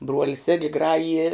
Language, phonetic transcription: Lithuanian, ˈbruolis igi ˈgrajije

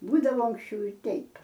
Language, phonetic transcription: Lithuanian, ˈbūdavo anksˈčiau i ˈteip

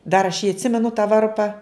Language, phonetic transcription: Lithuanian, dar aš jį atˈsimenu tą ˈvarpa

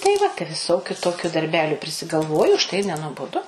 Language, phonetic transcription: Lithuanian, tai ˈva tai viˈsokiu ˈtokiu darˈbeliu prisigalˈvoju užˈtai ir nenuoboˈdu

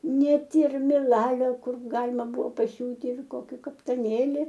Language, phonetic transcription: Lithuanian, ˈnet ir miˈlalio ˈkur ˈgalima ˈbuvo paˈsiūti ir ˈkoki kaptaˈnėli

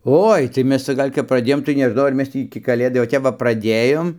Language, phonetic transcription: Lithuanian, ˈoi tai ˈmes ˈca ˈgal' kap praˈdėjom tai neˈžnau ar ˈmes tį iki kaˈlėdai o ˈtep va praˈdėjom

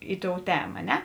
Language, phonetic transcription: Lithuanian, ˈi ˌtou ˈtema a ˈne

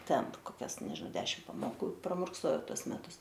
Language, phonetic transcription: Lithuanian, ˈten ˈtu koˈkias neži ˈdešim pamoˈkų pramurkˈsojau ˈtuos ˈmetus

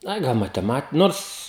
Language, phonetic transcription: Lithuanian, ˈai ˈgal mateˈmat ˈnors

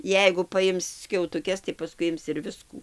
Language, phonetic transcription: Lithuanian, ˈjeigu paˈjims skiautuˈkes tai paˈskui ˈims ir ˈviskų

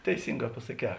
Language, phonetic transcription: Lithuanian, teiˈsinˌgā pasaˈkē

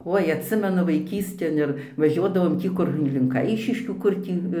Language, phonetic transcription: Lithuanian, ˈoi atˈsimenu vaiˈkystėn ir vaˈžiuodavom ˈtį kur li link ˈaišiškių ˈkur tį

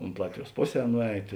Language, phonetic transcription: Lithuanian, unt ˈlatviˌjuos ˈpoˌsē ˈnuˌeit

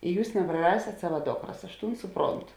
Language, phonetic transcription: Lithuanian, i ˈjūs nepraˈrasėt ˈsava ˈdokras aš ˈtūn ˈsuˌprontu

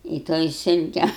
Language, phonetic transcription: Lithuanian, i ˈtoj ˈsilke

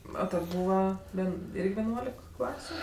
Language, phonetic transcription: Lithuanian, ˈo ˈten ˈbūva ˈven ˈirgi veˈnuolik ˈklasiu

